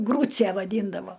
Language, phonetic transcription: Lithuanian, ˈgrūce vaˈdyndavo

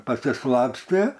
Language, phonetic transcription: Lithuanian, pasiˈslapstė

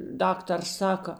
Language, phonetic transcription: Lithuanian, ˈdaktars ˈsaka

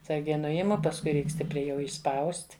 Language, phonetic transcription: Lithuanian, atˈsargiai ˈnuimu pasˈkui ˈreik ˈstipriai jau išˈspaust'

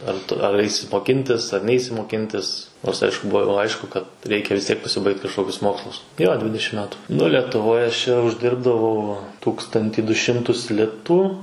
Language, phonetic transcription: Lithuanian, ar ˈtu ar ˈaisi moˈkintis ar ˈneisi moˈkintis ˈnors ˈaišku ˈbuo jau ˈaišku kad ˈreikia vis ˈtiek pasiˈbaigt kažˈkokius ˈmokslus jo ˈdvidešim ˈmetu nu letuˈvoj aš ˈčia užˈdirbdavau ˈtūkstantį du ˈšimtus ˈlitų

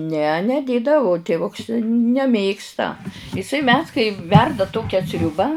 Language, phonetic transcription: Lithuanian, ne neˈdėdavu tėˈvuks neˈmėgsta iˈsai mes kai ˈverda ˈtokia ˈsriubą

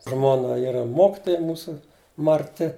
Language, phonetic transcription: Lithuanian, ˈžmona ˈyra ˈmokitoja ˈmūsu marˈti

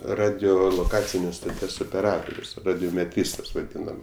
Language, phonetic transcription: Lithuanian, radioloˈkacinės stoˈties opeˈratorius radiomeˈtrystas vaˈdynam

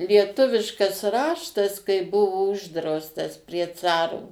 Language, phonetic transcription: Lithuanian, lieˈtuviškas ˈraštas kai ˈbuvo ˈuždraustas prie ˈcaro

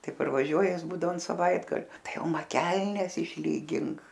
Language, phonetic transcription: Lithuanian, ˈtai parvaˈžiuoja ˈjis ˈbūdavo an saˈvaitgalio ˈtai ˈjau ˈma ˈkelnes išˈlygink

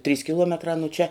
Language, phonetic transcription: Lithuanian, trys kiˈluometrā nu čia

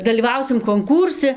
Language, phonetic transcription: Lithuanian, dalyˈvausim konˈkūrsi

